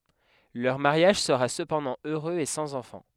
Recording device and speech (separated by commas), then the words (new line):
headset microphone, read sentence
Leur mariage sera cependant heureux et sans enfant.